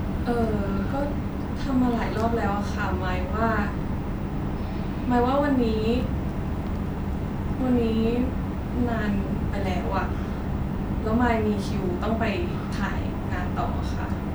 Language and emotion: Thai, frustrated